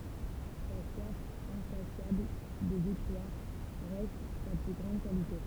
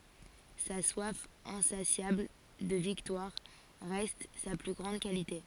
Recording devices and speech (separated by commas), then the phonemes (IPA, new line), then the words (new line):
temple vibration pickup, forehead accelerometer, read sentence
sa swaf ɛ̃sasjabl də viktwaʁ ʁɛst sa ply ɡʁɑ̃d kalite
Sa soif insatiable de victoire reste sa plus grande qualité.